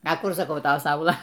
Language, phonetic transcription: Lithuanian, a ˈkur saˈkau ˈta ˈsaula

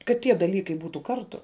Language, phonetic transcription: Lithuanian, kad ˈtie daˈlykai ˈbūtų ˈkartu

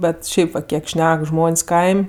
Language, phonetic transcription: Lithuanian, ˈbet ˈšiaip vat ˈkiek ˈšnek ˈžmon's' ˈkaim'

